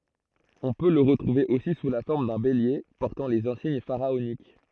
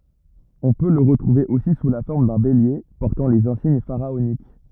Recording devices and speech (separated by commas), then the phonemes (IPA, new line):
throat microphone, rigid in-ear microphone, read sentence
ɔ̃ pø lə ʁətʁuve osi su la fɔʁm dœ̃ belje pɔʁtɑ̃ lez ɛ̃siɲ faʁaonik